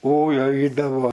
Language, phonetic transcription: Lithuanian, ˈoi ˈaidavo

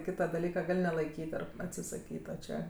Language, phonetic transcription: Lithuanian, ˈkyta daˈlyka ˈgal' nelaiˈkyt ˈar atsisaˈkyt o ˈčia

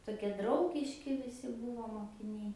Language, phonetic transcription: Lithuanian, toˈkie ˈdraugiški viˈsi ˈbūvo mokiˈniai

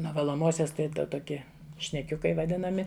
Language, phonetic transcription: Lithuanian, nuo valoˈmosios ˈtai ˈtoki šneˈkiukai vaˈdinami

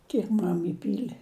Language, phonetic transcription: Lithuanian, ˈkiek ˈmam iˈpyli

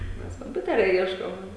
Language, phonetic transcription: Lithuanian, ˈmes komˈpiuteria ˈieškom

